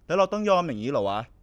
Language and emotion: Thai, frustrated